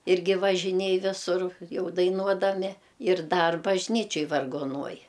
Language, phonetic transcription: Lithuanian, ˈirgi važiˈnėj ˈvisur ˈjau daiˈnuodami ir ˈdar bažˈnyčioj vargoˈnuoj

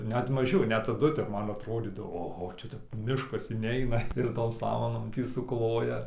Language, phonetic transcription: Lithuanian, net maˈžiau net taˈdu ˈtep ˈman atroˈdydavo oˈho ˈčia tep ˈmiškas iˈneina ir tom ˈsamanom ˈtį suˈkloja suˈkloja

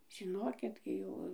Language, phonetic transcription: Lithuanian, žiˈnokik ˈgi jo

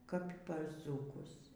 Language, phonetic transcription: Lithuanian, kap par ˈdzūkus

